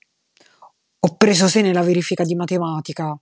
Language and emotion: Italian, angry